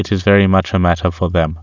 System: none